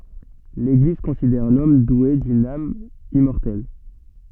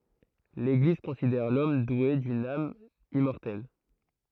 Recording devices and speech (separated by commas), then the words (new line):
soft in-ear microphone, throat microphone, read sentence
L'Église considère l'homme doué d'une âme immortelle.